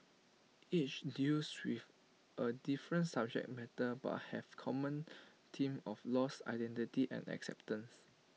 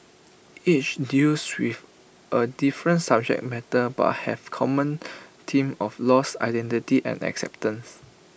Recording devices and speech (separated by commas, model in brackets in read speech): mobile phone (iPhone 6), boundary microphone (BM630), read sentence